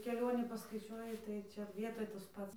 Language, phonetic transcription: Lithuanian, keˈlionį paskaiˈčiuoji tai ˈčia ˈvietoj tas ˈpats

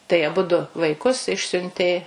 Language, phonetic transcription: Lithuanian, tai aˈbudu vaiˈkus ˈišsiuntė

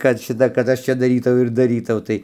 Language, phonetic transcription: Lithuanian, kad ˈšita kad ˈaš ˈčia daˈrytau ir daˈrytau kad ˈšita kad ˈaš ˈčia daˈrytau ir daˈrytau ˈtai

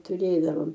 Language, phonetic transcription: Lithuanian, tuˈrėdavom

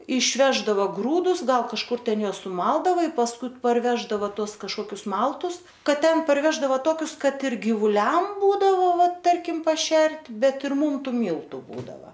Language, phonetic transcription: Lithuanian, išˈveždava ˈgrūdus ˈgal kažˈkur ˈten ˈjuos suˈmaldava i pasˈkui parˈveždava ˈtuos kažˈkokius ˈmaltus ˈkad ˈten parˈveždava ˈtokius ˈkad ir gyvuˈliam ˈbūdavo va ˈtarkim paˈšert' ˈbet ir ˈmūm ˈtų ˈmyltu ˈbūdava

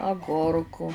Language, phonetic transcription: Lithuanian, aˈgurku

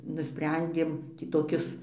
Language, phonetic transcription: Lithuanian, nuˈsprendėm tį toˈkis

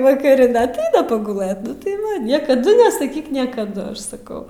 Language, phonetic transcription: Lithuanian, vakaˈri da atˈaina paguˈlɘt ˈnu tai ˈva niekaˈdu nesaˈkyk niekaˈdu ˈaš saˈkau

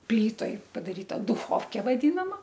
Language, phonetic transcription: Lithuanian, ˈplytoj padaˈryta duchovkė vaˈdinama

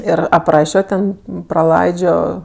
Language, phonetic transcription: Lithuanian, ˈir apˈrašio ˈten praˈlaidžio

